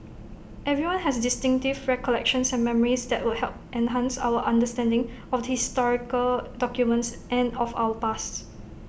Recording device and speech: boundary microphone (BM630), read sentence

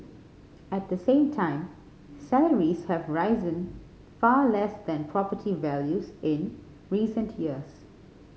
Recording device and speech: mobile phone (Samsung C5010), read sentence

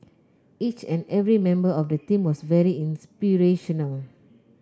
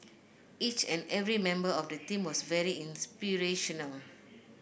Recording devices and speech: close-talking microphone (WH30), boundary microphone (BM630), read sentence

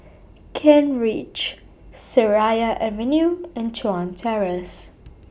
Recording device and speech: boundary microphone (BM630), read sentence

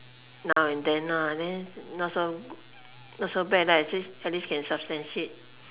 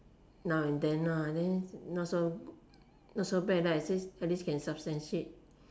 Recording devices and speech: telephone, standing microphone, conversation in separate rooms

